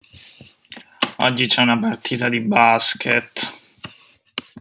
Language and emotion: Italian, sad